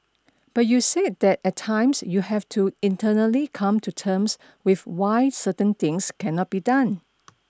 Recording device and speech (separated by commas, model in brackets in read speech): standing microphone (AKG C214), read sentence